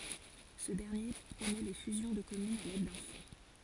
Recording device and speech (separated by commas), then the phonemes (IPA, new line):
forehead accelerometer, read sentence
sə dɛʁnje pʁomø le fyzjɔ̃ də kɔmynz a lɛd dœ̃ fɔ̃